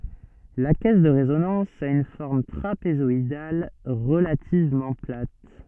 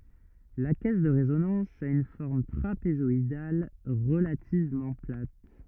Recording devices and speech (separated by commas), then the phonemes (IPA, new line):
soft in-ear microphone, rigid in-ear microphone, read sentence
la kɛs də ʁezonɑ̃s a yn fɔʁm tʁapezɔidal ʁəlativmɑ̃ plat